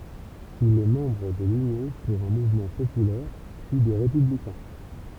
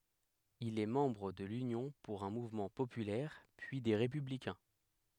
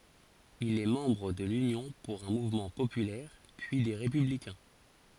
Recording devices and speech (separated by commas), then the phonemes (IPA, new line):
temple vibration pickup, headset microphone, forehead accelerometer, read sentence
il ɛ mɑ̃bʁ də lynjɔ̃ puʁ œ̃ muvmɑ̃ popylɛʁ pyi de ʁepyblikɛ̃